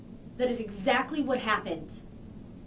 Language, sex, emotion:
English
female
angry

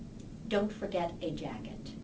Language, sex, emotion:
English
female
disgusted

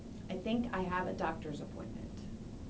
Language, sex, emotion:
English
female
neutral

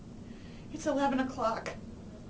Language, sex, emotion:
English
female
fearful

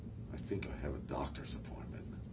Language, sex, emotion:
English
male
neutral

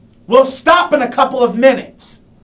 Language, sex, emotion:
English
male
angry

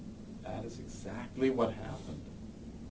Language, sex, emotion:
English
male
neutral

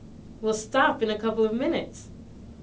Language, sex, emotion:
English
female
disgusted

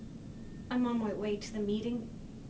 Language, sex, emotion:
English
female
neutral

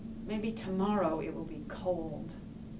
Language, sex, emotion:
English
female
disgusted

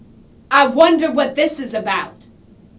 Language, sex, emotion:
English
female
angry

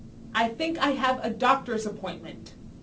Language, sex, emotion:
English
female
angry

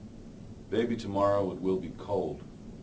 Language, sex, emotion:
English
male
neutral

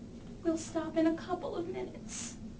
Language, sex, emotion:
English
female
sad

